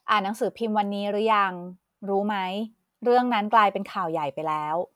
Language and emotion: Thai, neutral